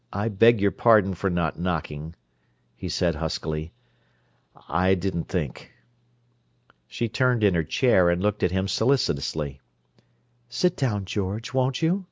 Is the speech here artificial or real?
real